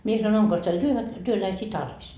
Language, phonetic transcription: Finnish, mie san‿ » oŋkos teil työväk- , 'työläisii "tarvis ?
- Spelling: minä sanoin onkos teillä - työläisiä tarvis

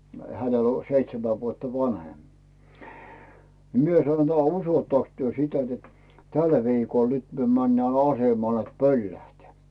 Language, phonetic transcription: Finnish, 'hänel ‿o , 'seitsemä vuotta "vanhem , ni 'mie sano ‿t » "usottaks työ 'sitä net "täl viikol nyt myö männää 'asemal net "pöllähteä̀ ? « .
- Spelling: hänellä on seitsemän vuotta vanhempi niin minä sanoin että uskottekos te sitä että tällä viikolla nyt me mennään asemalle että pöllähtää

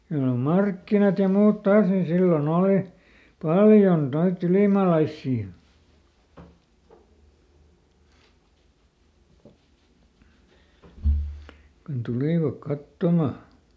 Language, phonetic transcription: Finnish, ja nò "markkinat ja ˈmuut ˈtaas nin ˈsilloˈn ‿ooli , "paljon ˈnoitˈt ‿ylìmàlaissii , kun ˈtulìvak "kattoma .
- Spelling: ja no markkinat ja muut taas niin silloin oli paljon noita ylimaalaisia kun tulivat katsomaan

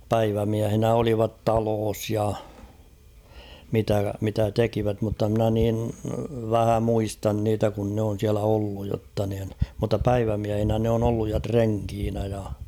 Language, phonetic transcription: Finnish, 'päivämiähinä olivat "taloos ja , mitä , mitä 'tekivät mutta mnä nin , "vähä 'muistan niitä kun nᵉ ‿on̬ siälä 'olluj jotta niin , mutta "päivämiähinä ne on ‿olluj ja 'treŋkiinä ja .
- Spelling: päivämiehinä olivat talossa ja mitä mitä tekivät mutta minä niin vähän muistan niitä kun ne on siellä ollut jotta niin mutta päivämiehinä ne on ollut ja renkinä ja

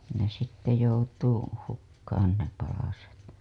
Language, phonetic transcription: Finnish, ne sitte joutuu , 'hukkaan ne palaset .
- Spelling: ne sitten joutuu hukkaan ne palaset

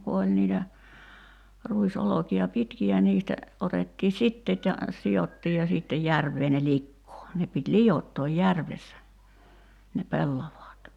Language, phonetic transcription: Finnish, ku oĺ niitä , 'ruis₍'oloki₍a "pitki₍ä niistä , 'otettii "sitteet ja , 'si₍ottiij ja siittej 'järv̀ee ne 'likkoo , 'ne pit "lijottooj 'järvessä , ne 'pellavaat .
- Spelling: kun oli niitä ruisolkia pitkiä niistä otettiin siteet ja sidottiin ja sitten järveen ne likoon ne piti liottaa järvessä ne pellavat

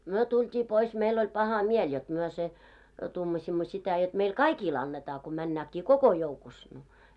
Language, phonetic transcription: Finnish, 'myö tult́ii pois 'meil oĺ 'paha 'miel jot myö se , 'tumaśimmo sitä jot meil "kaikil 'annetaa ko männääkkii "koko 'joukus , no .
- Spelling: me tultiin pois meillä oli paha mieli jotta me se tuumasimme sitä jotta meille kaikille annetaan kun mennäänkin koko joukossa no

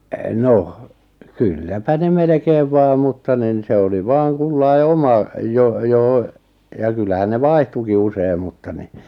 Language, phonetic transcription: Finnish, 'noh , 'kylläpä ne 'melᵉkeev 'vaa mutta nin 'se oli 'vaaŋ "kullai̬ "oma , 'jo- joʰᵒ , ja 'kyllähän ne "vaihtuki usei̬m mutta ni ,.
- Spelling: no kylläpä ne melkein vain mutta niin se oli vain kullakin oma - johon ja kyllähän ne vaihtuikin usein mutta niin

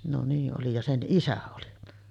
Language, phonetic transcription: Finnish, no 'nii ’oli ja 'sen "ˀisä oli .
- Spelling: no niin oli ja sen isä oli

